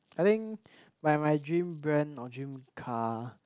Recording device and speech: close-talking microphone, conversation in the same room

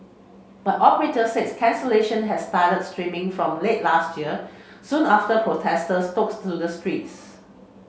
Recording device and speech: mobile phone (Samsung C7), read sentence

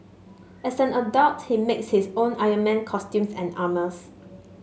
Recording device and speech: mobile phone (Samsung S8), read sentence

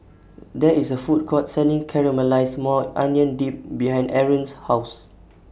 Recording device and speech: boundary microphone (BM630), read sentence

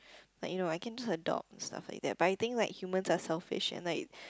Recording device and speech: close-talking microphone, conversation in the same room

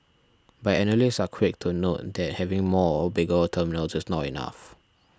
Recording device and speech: standing microphone (AKG C214), read sentence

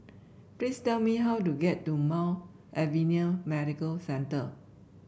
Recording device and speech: boundary microphone (BM630), read sentence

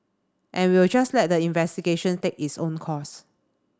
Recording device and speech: standing microphone (AKG C214), read sentence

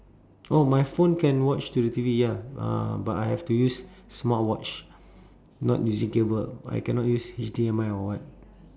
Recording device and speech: standing microphone, conversation in separate rooms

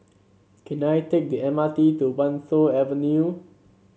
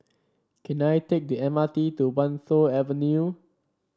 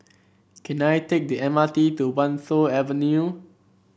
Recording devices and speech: mobile phone (Samsung C7), standing microphone (AKG C214), boundary microphone (BM630), read sentence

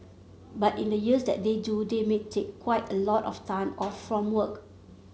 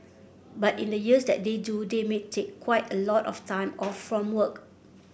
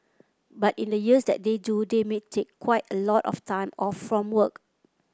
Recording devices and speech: mobile phone (Samsung C7), boundary microphone (BM630), close-talking microphone (WH30), read sentence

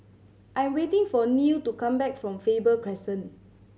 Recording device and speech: mobile phone (Samsung C7100), read sentence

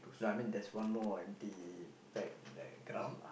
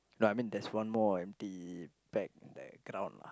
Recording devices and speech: boundary microphone, close-talking microphone, conversation in the same room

